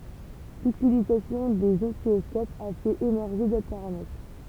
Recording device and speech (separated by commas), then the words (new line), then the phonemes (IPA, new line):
temple vibration pickup, read sentence
L'utilisation des oscilloscopes a fait émerger d'autres paramètres.
lytilizasjɔ̃ dez ɔsilɔskopz a fɛt emɛʁʒe dotʁ paʁamɛtʁ